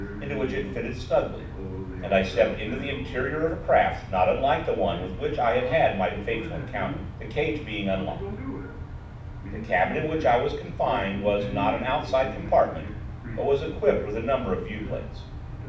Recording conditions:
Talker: one person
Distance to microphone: 5.8 m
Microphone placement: far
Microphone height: 1.8 m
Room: medium-sized (5.7 m by 4.0 m)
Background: television

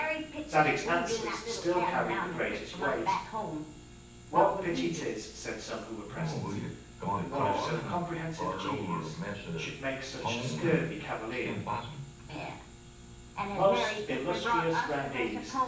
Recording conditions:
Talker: one person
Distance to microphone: 9.8 m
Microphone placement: far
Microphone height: 1.8 m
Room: large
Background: television

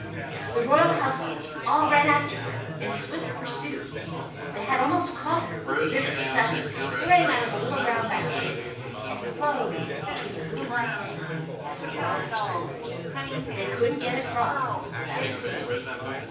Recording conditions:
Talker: one person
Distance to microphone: 9.8 m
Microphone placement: far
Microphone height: 1.8 m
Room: large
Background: babble

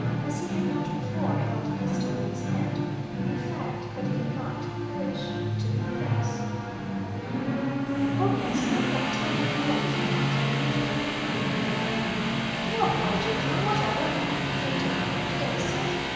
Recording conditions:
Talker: one person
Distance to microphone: 1.7 m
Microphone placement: close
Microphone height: 1.0 m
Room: very reverberant, large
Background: television

